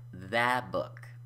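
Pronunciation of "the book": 'That book' is said so that it sounds like 'the book', which sounds sloppy.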